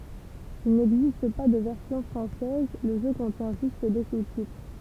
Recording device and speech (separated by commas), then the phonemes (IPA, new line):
temple vibration pickup, read sentence
il nɛɡzist pa də vɛʁsjɔ̃ fʁɑ̃sɛz lə ʒø kɔ̃tjɛ̃ ʒyst de sustitʁ